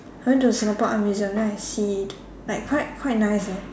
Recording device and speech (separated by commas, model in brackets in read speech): standing microphone, conversation in separate rooms